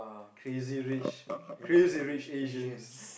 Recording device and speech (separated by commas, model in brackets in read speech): boundary microphone, conversation in the same room